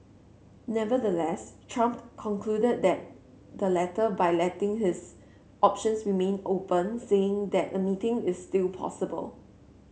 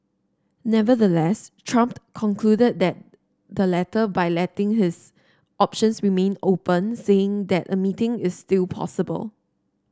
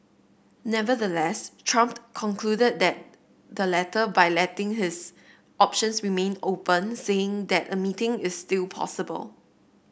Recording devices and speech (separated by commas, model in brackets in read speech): mobile phone (Samsung C7), standing microphone (AKG C214), boundary microphone (BM630), read sentence